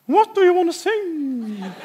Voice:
In high voice